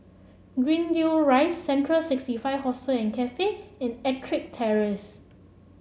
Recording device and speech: mobile phone (Samsung C7), read sentence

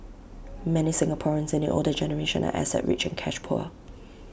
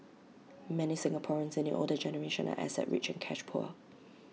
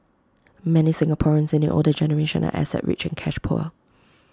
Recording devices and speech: boundary microphone (BM630), mobile phone (iPhone 6), close-talking microphone (WH20), read sentence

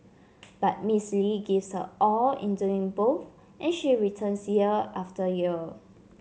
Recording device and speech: mobile phone (Samsung C7), read sentence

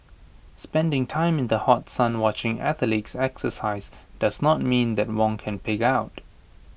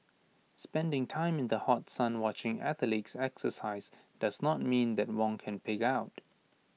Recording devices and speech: boundary microphone (BM630), mobile phone (iPhone 6), read sentence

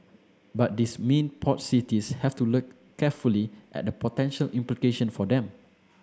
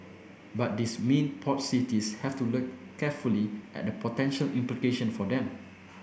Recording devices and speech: standing microphone (AKG C214), boundary microphone (BM630), read sentence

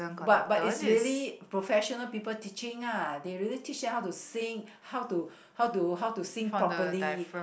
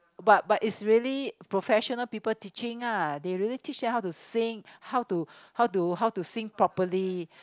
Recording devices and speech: boundary microphone, close-talking microphone, conversation in the same room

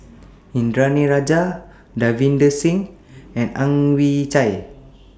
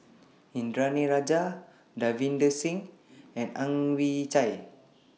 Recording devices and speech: standing microphone (AKG C214), mobile phone (iPhone 6), read sentence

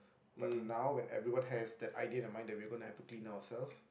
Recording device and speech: boundary microphone, conversation in the same room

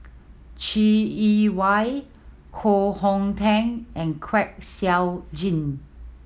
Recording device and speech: mobile phone (iPhone 7), read sentence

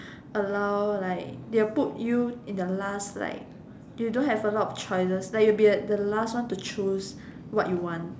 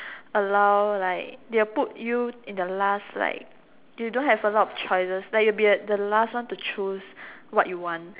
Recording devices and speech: standing microphone, telephone, conversation in separate rooms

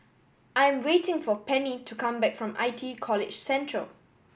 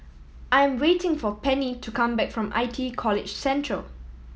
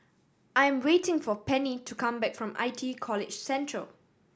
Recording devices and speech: boundary microphone (BM630), mobile phone (iPhone 7), standing microphone (AKG C214), read sentence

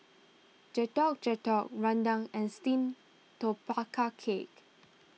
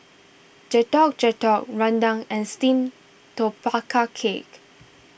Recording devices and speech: mobile phone (iPhone 6), boundary microphone (BM630), read sentence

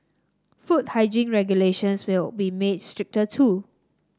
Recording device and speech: standing microphone (AKG C214), read sentence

